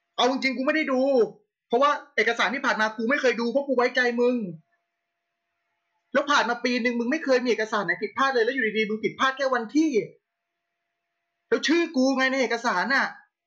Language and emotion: Thai, angry